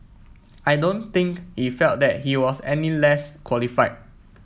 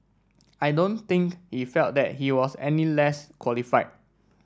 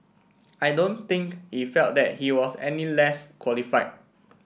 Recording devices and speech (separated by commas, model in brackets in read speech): mobile phone (iPhone 7), standing microphone (AKG C214), boundary microphone (BM630), read sentence